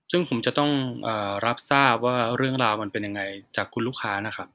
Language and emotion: Thai, neutral